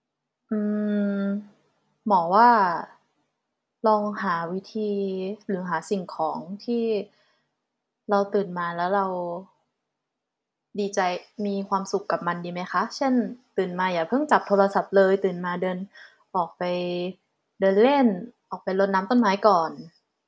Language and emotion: Thai, frustrated